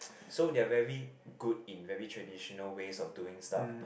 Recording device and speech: boundary microphone, conversation in the same room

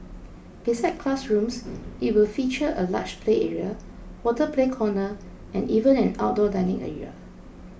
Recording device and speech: boundary microphone (BM630), read sentence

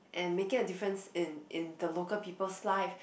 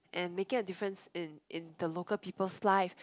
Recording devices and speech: boundary microphone, close-talking microphone, conversation in the same room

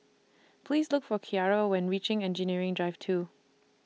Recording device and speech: mobile phone (iPhone 6), read sentence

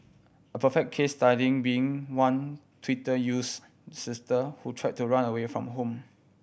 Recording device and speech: boundary microphone (BM630), read sentence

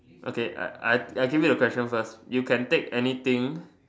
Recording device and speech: standing microphone, conversation in separate rooms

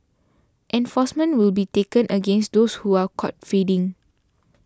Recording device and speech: standing microphone (AKG C214), read sentence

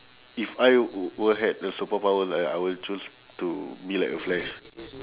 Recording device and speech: telephone, conversation in separate rooms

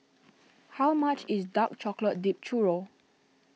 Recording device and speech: mobile phone (iPhone 6), read sentence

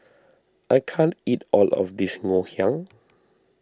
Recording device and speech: standing microphone (AKG C214), read sentence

